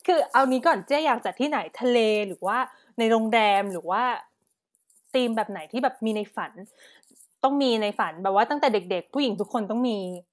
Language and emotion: Thai, happy